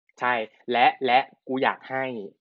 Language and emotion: Thai, neutral